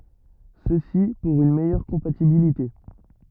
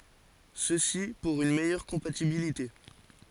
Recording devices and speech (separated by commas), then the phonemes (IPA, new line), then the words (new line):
rigid in-ear microphone, forehead accelerometer, read sentence
səsi puʁ yn mɛjœʁ kɔ̃patibilite
Ceci pour une meilleure compatibilité.